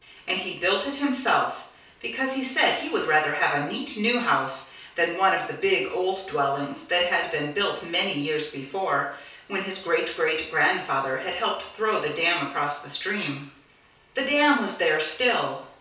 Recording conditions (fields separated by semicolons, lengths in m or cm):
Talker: one person; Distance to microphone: 3.0 m; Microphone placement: far; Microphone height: 1.8 m; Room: small (3.7 m by 2.7 m); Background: none